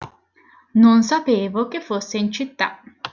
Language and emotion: Italian, neutral